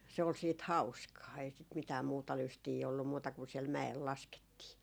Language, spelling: Finnish, se oli sitten hauskaa ei sitä mitään muuta lystiä ollut muuta kuin siellä mäellä laskettiin
- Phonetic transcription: se ol siit "hauskaa , ei sit mitää 'muuta 'lystii ollum muuta kun siɛl "mä₍el 'laskettii .

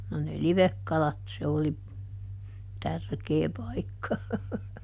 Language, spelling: Finnish, no ne livekalat se oli tärkeä paikka
- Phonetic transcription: no ne "livekkalat - se oli , "tärkee ˈpaikka .

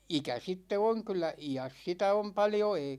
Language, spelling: Finnish, ikä sitten on kyllä iässä sitä on paljon ei
- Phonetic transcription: ikä sitte "oŋ kyl̆lä , "ijäs 'sitä om paljo èi ,.

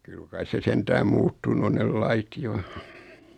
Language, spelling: Finnish, kyllä kai se sentään muuttunut on ne lait jo
- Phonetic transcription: 'kyl kais se 'sentääm "muuttunu on 'nel "la₍it 'jo .

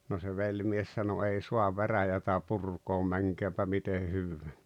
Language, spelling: Finnish, no se velimies sanoi ei saa veräjää purkaa menköönpä miten hyvänsä
- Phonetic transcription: no se 'veĺmies sano » 'ei "suav "veräjätä 'purkoom 'mäŋkeem̬pä mite 'hyvvää « .

